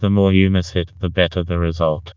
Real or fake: fake